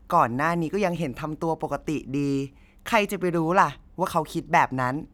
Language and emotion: Thai, neutral